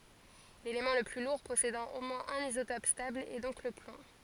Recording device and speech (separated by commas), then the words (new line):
forehead accelerometer, read sentence
L'élément le plus lourd possédant au moins un isotope stable est donc le plomb.